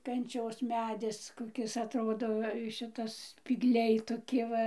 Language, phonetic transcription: Lithuanian, kanˈčios ˈmedis koˈkis atˈrodo ˈšitas spygˈliai toˈki ˈva

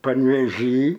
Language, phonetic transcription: Lithuanian, panˈvėžy

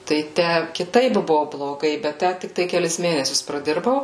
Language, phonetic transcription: Lithuanian, tai ˈtæ kiˈtaip ˈbuvo bloˈgai bet ˈtæ tikˈtai keˈlis ˈmėnesius praˈdirbau

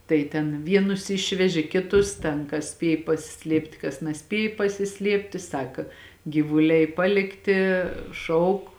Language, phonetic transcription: Lithuanian, ˈtai ten ˈvienus ˈišveži kiˈtus ˈten kas ˈspiej pasiˈsliept' kas naˈspiej pasiˈsliepti ˈsaka gyvuˈliai ˈpalikti ˈšauk

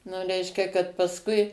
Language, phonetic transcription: Lithuanian, nu ˈreiškia kad pasˈkui

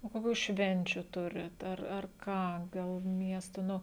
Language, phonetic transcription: Lithuanian, o koˈkių ˈšvenčių ˈturit ar ar ˈką ˈgal ˈmiesto ˈnu

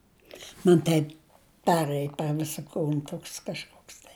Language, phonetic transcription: Lithuanian, man ˈtaip ˈperɘj per ˈvisa ˈkūn ˈtoks kažˈkoks tai

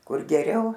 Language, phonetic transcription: Lithuanian, ˈkur geˈriau

